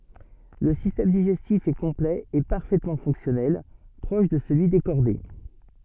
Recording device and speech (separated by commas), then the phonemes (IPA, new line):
soft in-ear microphone, read sentence
lə sistɛm diʒɛstif ɛ kɔ̃plɛ e paʁfɛtmɑ̃ fɔ̃ksjɔnɛl pʁɔʃ də səlyi de ʃɔʁde